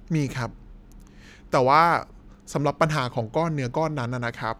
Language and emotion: Thai, neutral